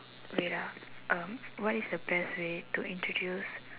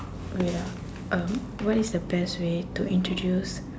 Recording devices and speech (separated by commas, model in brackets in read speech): telephone, standing microphone, conversation in separate rooms